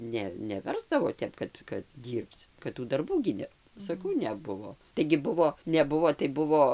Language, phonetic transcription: Lithuanian, ˈne neˈversdavo ˈtep kad kad ˈdyrbc kad ˈtų darˈbų gi ˈne saˈkau neˈbuvo taigi ˈbuvo neˈbuvo tai ˈbuvo

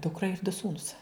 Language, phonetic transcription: Lithuanian, ˈdukra ir du ˈsūnus

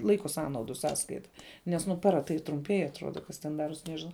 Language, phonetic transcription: Lithuanian, ˈlaiko ˈsąnaudu ˈsąskaita nes ˈnu ˈpara tai trumˈpiej atˈruoda ˈkas ten ˈdaruos ˈnežinau

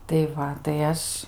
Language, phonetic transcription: Lithuanian, tai ˈva tai ˈaš

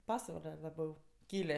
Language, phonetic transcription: Lithuanian, ˈpasvale laˈbiau ˈkylė

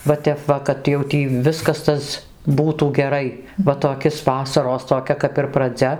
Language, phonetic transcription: Lithuanian, va ˈtep va kad jau ˈtį ˈviskas ˈtas ˈbūtų geˈrai va toˈkis ˈvasaros toˈkia kap ir praˈdzia

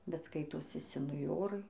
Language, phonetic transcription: Lithuanian, bet ˈskaitosi senuˈjorai

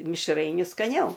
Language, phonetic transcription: Lithuanian, mišˈrainiu skaˈniau

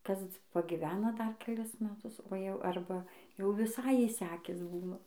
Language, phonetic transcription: Lithuanian, ˈkas pagiˈvena ˈdar keˈlis meˈtus o jau ˈarba jau viˈsai išˈsekis ˈbūna

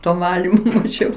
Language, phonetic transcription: Lithuanian, ˈto ˈvalimo maˈžiau

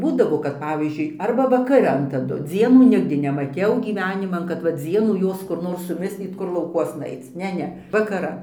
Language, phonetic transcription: Lithuanian, ˈbūdavo kad ˈpavyzdžiui ˈarba vakaˈran taˈdu ˈdzienų ˈnigdi nemaˈtiau gyˈveniman kad va ˈdzienų ˈjos kur ˈnor suˈmislyt ˈkur laukˈuosna ˈaic ˈne ˈne vakaˈran

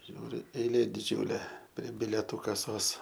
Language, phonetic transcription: Lithuanian, ˈžiūriu eiˈlė diˈdžiūlė prie bileˈtų kaˈsos

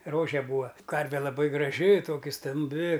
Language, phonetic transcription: Lithuanian, ˈrože ˈbūa ˈkarve laˈbai graˈži ˈtoki stamˈbi

